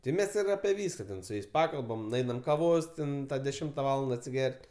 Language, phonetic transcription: Lithuanian, ti ˈmes ir ape ˈvyska ten su ˈjais ˈpakalbam nuˈeinam kaˈvos ten deˈšimta ˈvalanda atsiˈger't'

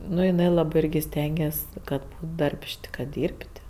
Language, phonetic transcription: Lithuanian, ˈnu jiˈnai ˈlabɜ ˈirgi ˈstenges' ˈkad ˈdarbš't' kad ˈdyrb't'

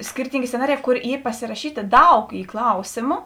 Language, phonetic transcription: Lithuanian, ˈskirtyngė sceˈnariˌjē ˈkor ˈy pasiraˈšytė ˈdaug ˈy ˈklausėmu

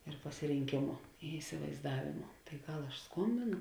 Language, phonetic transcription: Lithuanian, ir pasirinˈkėmu i isivaizˈdavėmu tai ˈgal aš ˈskombėnu

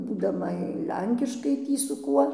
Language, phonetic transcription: Lithuanian, būdaˈma ˈlenkiškai ˈtį su ˈkuo

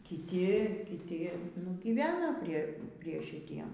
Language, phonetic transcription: Lithuanian, kiˈti kiˈti nu ˈgyvena ˈprie prie šiˈtiem

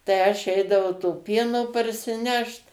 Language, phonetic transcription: Lithuanian, tai ˈaš ˈeidavau to ˈpieno parsiˈnešt

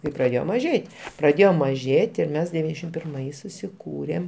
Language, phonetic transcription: Lithuanian, kai praˈdėjo maˈžėt' praˈdėjo maˈžėt' ir ˈmes deˈvyniasdešim pirˈmais susiˈkūrėm

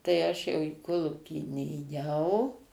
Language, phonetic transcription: Lithuanian, tai ˈaš jau į ˈkolūkį nėˈjau

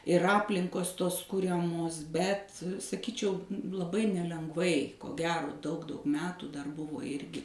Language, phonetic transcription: Lithuanian, ir ˈaplinkos ˈtos ˈkuriamos ˈbet saˈkyčiau laˈbai nelengˈvai ko ˈgero daug daug ˈmetų dar ˈbuvo ˈirgi

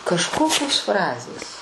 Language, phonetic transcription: Lithuanian, kažˈkokios ˈfrazės

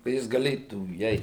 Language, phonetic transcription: Lithuanian, ka ˈjis gaˈlėtų įˈeit

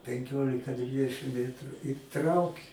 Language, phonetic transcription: Lithuanian, penˈkiolika ˈdvidešim ˈmetru i ˈtrauki

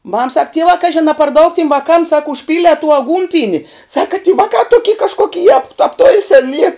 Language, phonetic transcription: Lithuanian, mam sak ˈtievā ˈkažin a par daug tim vaˈkam sak užˈpylie tū aˈgūnpieni ˈsaka ty ˈvakā ˈtuky kažˈkoki jap apˈtuisen yr

